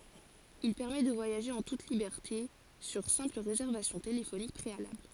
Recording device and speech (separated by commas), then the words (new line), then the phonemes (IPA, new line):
forehead accelerometer, read sentence
Il permet de voyager en toute liberté sur simple réservation téléphonique préalable.
il pɛʁmɛ də vwajaʒe ɑ̃ tut libɛʁte syʁ sɛ̃pl ʁezɛʁvasjɔ̃ telefonik pʁealabl